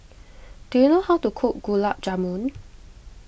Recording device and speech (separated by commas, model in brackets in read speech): boundary microphone (BM630), read sentence